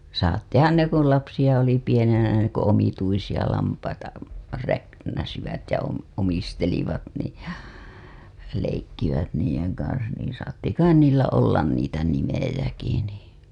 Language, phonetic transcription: Finnish, saattihan ne kun̬ 'lapsiʲa oli pienenä ne ku omituisiʲa lampaita , räknäsivät ja om- , omistelivat nii , leikkivät niijeŋ kansan niiḭ saatti 'kain 'niillä ollan niitä 'nimejäki nii .
- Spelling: saattoihan ne kun lapsia oli pienenä ne kun omituisia lampaita räknäsivät ja - omistelivat niin leikkivät niiden kanssa niin saattoi kai niillä olla niitä nimiäkin niin

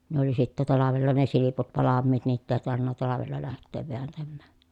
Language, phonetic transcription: Finnish, ne ‿oli sittä talavella ne siliput valammiit niitt ‿èi tarvinna talavella läht̆teev veäntämmä̀ .
- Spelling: ne oli sitten talvella ne silput valmiit niitä ei tarvinnut talvella lähteä vääntämään

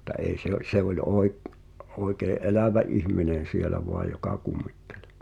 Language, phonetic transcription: Finnish, [mut]t̀a 'ei̬ se ‿o- , 'se oĺ oi̬k- , oi̬kee’ "’elä̀vä '’ihm̀inen̬ 'sielä "voaj joka 'kummittᴇʟ .
- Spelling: mutta ei se - se oli - oikein elävä ihminen siellä vain joka kummitteli

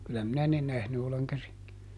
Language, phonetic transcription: Finnish, kylä ˈminä ne ˈnähny oleŋ käsiŋ(kivet) .
- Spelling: kyllä minä ne nähnyt olen käsinkivet

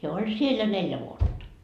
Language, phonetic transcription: Finnish, heä oĺ "siel ja "neljä vuotta .
- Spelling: hän oli siellä ja neljä vuotta

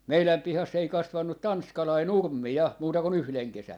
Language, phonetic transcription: Finnish, "meiläm 'pihass ‿ei 'kasvannu "tanskalai "nurm̆mi 'ja , 'muuta ku"n ‿yhleŋ 'kesän .
- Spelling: meidän pihassa ei kasvanut tanskalainen nurmi ja muuta kuin yhden kesän

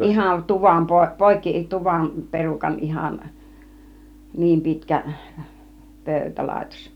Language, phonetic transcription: Finnish, 'ihan 'tuvam po- , "pòikki , 'tuvam 'perukan ihan , 'niim 'pitkä , 'pö̀ytälàitos .
- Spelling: ihan tuvan - poikki tuvan perukan ihan niin pitkä pöytälaitos

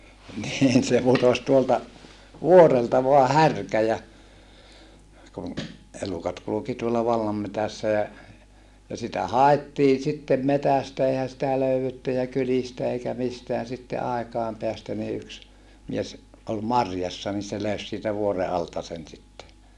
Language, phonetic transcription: Finnish, niin se putos tuolta , vuorelta voa härkä ja , kun , elukat kuluki tuolla vallammetässä ja , ja sitä haettii sittem metästä eihä sitä löy₍etty ja kylistä eikä misteän sitte aekàem peästä ni yks , mies , ʼol marjassa ni se löys siitä vuore alta sen sitte .
- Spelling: niin se putosi tuolta vuorelta vain härkä ja kun elukat kulki tuolla vallanmetsässä ja ja sitä haettiin sitten metsästä eihän sitä löydetty ja kylistä eikä mistään sitten aikojen päästä niin yksi mies oli marjassa niin se löysi siitä vuoren alta sen sitten

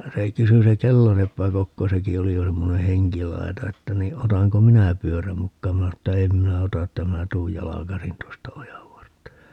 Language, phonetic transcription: Finnish, se 'kysy se "kelloseppä 'Kokko - 'seki oli jo 'semmone "heŋkilai̮ta - että ni 'otaŋko "minä 'pyöräm 'mukkaam minä (sano) että » "em minä 'ota » että » 'minä tuuj "jalakasin 'tuosta "ojavvartta » .
- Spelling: se kysyi se kelloseppä Kokko sekin oli jo semmoinen henkilaita että niin otanko minä pyörän mukaan minä sanoin että en minä ota että minä tulen jalkaisin tuosta ojanvartta

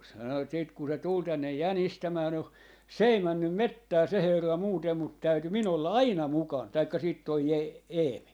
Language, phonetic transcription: Finnish, sano et siit ku se 'tul tännej "jänistämää no , "s ‿ei 'männym "mettää 'se 'herra 'muutem mut 'täyty 'min ‿olla "aina 'mukan , 'taikka 'siit toi Ee-'Eemi .
- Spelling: sanoi että sitten kun se tuli tänne jänistämään no se ei mennyt metsään se herra muuten mutta täytyi minun olla aina mukana tai sitten tuo Eemi

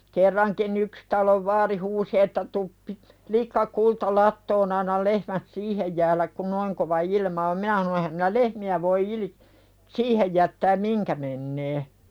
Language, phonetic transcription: Finnish, 'kerraŋki"n ‿yks talov 'vaari huusi että » tup pi- , "likka kulta lattoon ‿annal 'lehmät "siihej jääläk kun 'noiŋ kova "ilma om « 'minä hano » ehäm minä "lehmi₍ä voi ilⁱ- , "siihej jättääm "miŋkä mennee « .
- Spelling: kerrankin yksi talon vaari huusi että tule - likka kulta latoon anna lehmät siihen jäädä kun noin kova ilma on minä sanoin enhän minä lehmiä voi - siihen jättää mihin menee

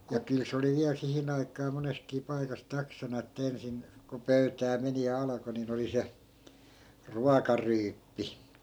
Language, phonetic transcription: Finnish, ja 'kyl se oli 'viäl 'sihin ‿aikaa 'moneskii 'paikas 'taksana että 'ensin , ko 'pöytää meni ja 'alako ni'n ‿oli 'se , "ruaka'ryyppi .
- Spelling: ja kyllä se oli vielä siihen aikaan monessakin paikassa taksana että ensin kun pöytään meni ja alkoi niin oli se ruokaryyppy

